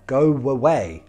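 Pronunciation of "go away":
In 'go away', the two words are joined by a w sound between 'go' and 'away'.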